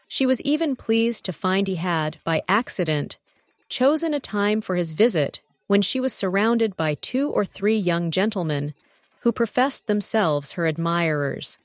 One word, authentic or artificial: artificial